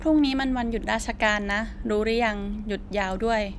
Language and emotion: Thai, neutral